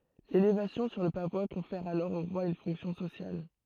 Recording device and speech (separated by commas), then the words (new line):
throat microphone, read sentence
L'élévation sur le pavois confère alors au roi une fonction sociale.